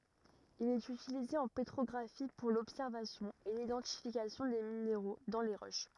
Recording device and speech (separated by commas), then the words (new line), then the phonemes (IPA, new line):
rigid in-ear microphone, read sentence
Il est utilisé en pétrographie pour l'observation et l'identification des minéraux dans les roches.
il ɛt ytilize ɑ̃ petʁɔɡʁafi puʁ lɔbsɛʁvasjɔ̃ e lidɑ̃tifikasjɔ̃ de mineʁo dɑ̃ le ʁoʃ